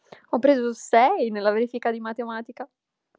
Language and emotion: Italian, happy